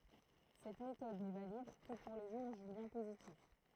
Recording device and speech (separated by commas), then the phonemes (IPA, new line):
throat microphone, read sentence
sɛt metɔd nɛ valid kə puʁ le ʒuʁ ʒyljɛ̃ pozitif